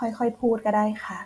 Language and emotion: Thai, neutral